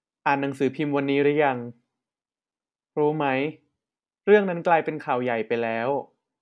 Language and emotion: Thai, neutral